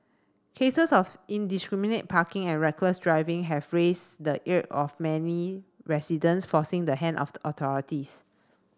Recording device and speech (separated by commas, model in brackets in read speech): standing microphone (AKG C214), read sentence